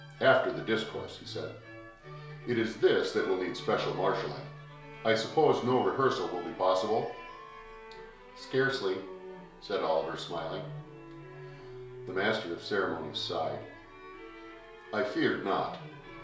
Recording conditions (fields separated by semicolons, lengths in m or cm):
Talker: one person; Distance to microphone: 1.0 m; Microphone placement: close; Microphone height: 1.1 m; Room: small (3.7 m by 2.7 m); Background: music